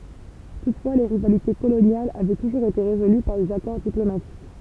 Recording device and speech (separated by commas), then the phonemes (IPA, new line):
temple vibration pickup, read sentence
tutfwa le ʁivalite kolonjalz avɛ tuʒuʁz ete ʁezoly paʁ dez akɔʁ diplomatik